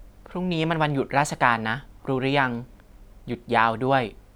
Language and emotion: Thai, neutral